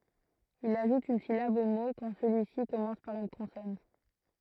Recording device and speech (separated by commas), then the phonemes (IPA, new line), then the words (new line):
throat microphone, read sentence
il aʒut yn silab o mo kɑ̃ səlyisi kɔmɑ̃s paʁ yn kɔ̃sɔn
Il ajoute une syllabe au mot quand celui-ci commence par une consonne.